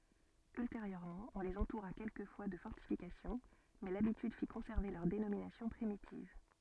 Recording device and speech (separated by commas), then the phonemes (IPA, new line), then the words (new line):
soft in-ear microphone, read sentence
ylteʁjøʁmɑ̃ ɔ̃ lez ɑ̃tuʁa kɛlkəfwa də fɔʁtifikasjɔ̃ mɛ labityd fi kɔ̃sɛʁve lœʁ denominasjɔ̃ pʁimitiv
Ultérieurement on les entoura quelquefois de fortifications, mais l'habitude fit conserver leur dénomination primitive.